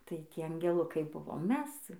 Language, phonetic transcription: Lithuanian, tai ˈtie angeˈlukai ˈbuvom ˈmes

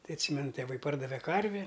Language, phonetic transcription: Lithuanian, ˈtai atˈsymenu tėˈvai ˈpardave ˈkarvi

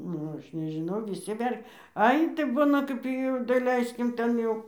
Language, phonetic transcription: Lithuanian, ˈnu ˈaš nežiˈnau viˈsi ver' ˈai tai ˈbuna ˈkap jau daˈleiskim ˈten jau

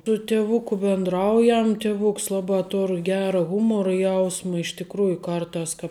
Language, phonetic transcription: Lithuanian, tu tiˈvuku bindˈraujam tiˈvuks ˈlabā ˈtor ˈgera ˈhumoru ˈjausma iš tikˈrųju ˈkarˌtās kāp

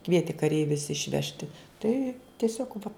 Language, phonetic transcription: Lithuanian, ˈkvieti kaˈreivius išˈvežti ˈtai tieˈsiog va

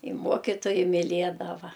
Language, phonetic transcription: Lithuanian, i ˈmuokitojai miˈliedava

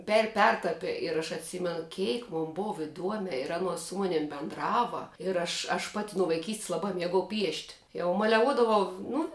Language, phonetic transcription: Lithuanian, per ˈpertapi ir aš atˈsimenu ˈkėik mon ˈbova iˈduome ir ˈanuos su ˈmunim bendˈrava ir aš aš ˈpati nu vaiˈkysts laˈbā ˈmiegau piešt' jau maleˈvuodavau ˈnu

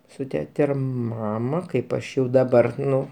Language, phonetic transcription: Lithuanian, su ˈtete ir ˈmama ˈkaip ˈaš jau daˈbar ˈnu

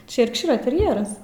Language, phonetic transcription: Lithuanian, ˈčia jerkˈšyra terˈjeras

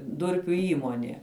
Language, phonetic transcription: Lithuanian, ˈdurpiu ˈįmonė

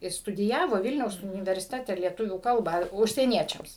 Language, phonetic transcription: Lithuanian, i studiˈjavo ˈvilniaus universiˈtete lieˈtuvių ˈkalbą užsieˈniečiams

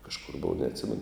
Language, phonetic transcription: Lithuanian, kažˈkur ˈbova neatˈsimenu

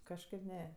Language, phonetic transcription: Lithuanian, kažˈkaip ˈne

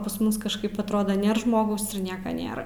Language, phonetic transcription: Lithuanian, pas ˈmus kažˈkaip atˈrodo ˈnėr ˈžmogaus ir ˈnieka ˈnėra

